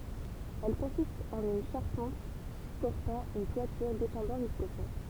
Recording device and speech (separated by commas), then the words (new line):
temple vibration pickup, read sentence
Elles consistent en une charpente supportant une toiture descendant jusqu'au sol.